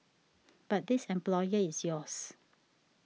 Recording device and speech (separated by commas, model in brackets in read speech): mobile phone (iPhone 6), read sentence